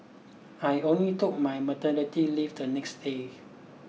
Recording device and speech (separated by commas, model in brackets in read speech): mobile phone (iPhone 6), read sentence